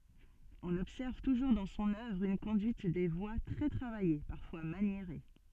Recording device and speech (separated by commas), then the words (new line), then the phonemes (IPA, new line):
soft in-ear microphone, read sentence
On observe toujours dans son œuvre une conduite des voix très travaillée, parfois maniérée.
ɔ̃n ɔbsɛʁv tuʒuʁ dɑ̃ sɔ̃n œvʁ yn kɔ̃dyit de vwa tʁɛ tʁavaje paʁfwa manjeʁe